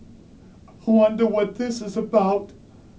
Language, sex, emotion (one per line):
English
male
fearful